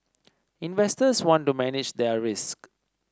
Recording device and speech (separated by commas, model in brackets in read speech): standing microphone (AKG C214), read sentence